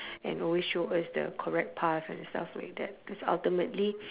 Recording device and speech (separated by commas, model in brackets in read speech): telephone, conversation in separate rooms